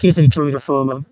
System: VC, vocoder